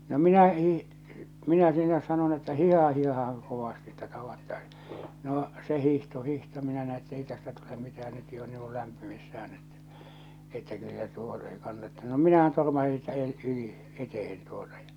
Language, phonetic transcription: Finnish, no 'minä hii- , 'minä sinä sanon ‿että » 'hìhaha 'hìhahaŋ kovasti että 'tavattaɪs « noo , se 'hihto 'hihto 'minä näi et'tei tästä tule 'mitähän 'nyt jo on niiŋ kᴜ lämpimissä₍än ettᴀ̈ , että kyllä 'tuo , ei 'kannattᴇ no "minähän tormasi siitä èl- , 'yli , 'etehen tuotᴀ ᴊᴀ .
- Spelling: no minä - minä sinä sanon että hiihdähän hiihdähän kovasti että tavattaisiin no se hiihti hiihti minä näin että ei tästä tule mitään nyt jo on niin kuin lämpimissään että että kyllä tuo ei kannata no minähän törmäsin siitä - yli eteen tuota ja

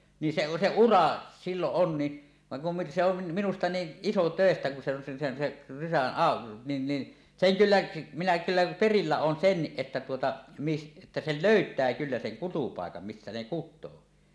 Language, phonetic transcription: Finnish, ni 'se , 'se "ura , 'silloˀ "ˀon ni , vaŋ kum mi- se ‿on , 'minusta "niiˀ "ˀisotö̀estä kun se ‿on se sen seˀ , rysän 'ào- , nin ni , "seŋ 'kyllä , minä kyllä "perillä 'oon "senniˀ 'ˀettä tuota , mis- , että 'sei "lö̀yt̀ää kyllä seŋ "kutupàekam 'missä ne "kut̆too .
- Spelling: niin se se ura silloin on niin vaan kun - se on minusta niin isotöistä kun se on se sen sen rysän - niin niin sen kyllä minä kyllä perillä olen senkin että tuota - että sen löytää kyllä sen kutupaikan missä ne kutee

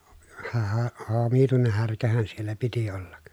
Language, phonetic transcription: Finnish, (o-) hää- , omituineh härkähän siellä piti ollak .
- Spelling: - - omituinen härkähän siellä piti olla

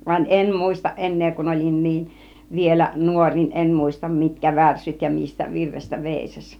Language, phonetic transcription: Finnish, van "em "mùistaˀ 'ˀen̆nee kun ol͕in 'niin , 'vielä "nuoŕ niin "em 'mùistam 'mitkä 'värssyt ja 'mistä 'virrestä "vèisaś .
- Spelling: vaan en muista enää kun olin niin vielä nuori niin en muista mitkä värssyt ja mistä virrestä veisasi

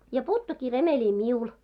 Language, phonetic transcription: Finnish, ja "puuttukkii 'remeĺi "miul .
- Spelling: ja puuttuikin remeli minulle

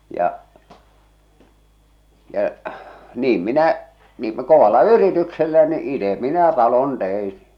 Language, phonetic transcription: Finnish, 'ja , 'ja , 'niim minä , niim m- 'kovalla "yrityksellä ni , 'ite 'minä 'talon 'tein̬ .
- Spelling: ja ja niin minä niin - kovalla yrityksellä niin itse minä talon tein

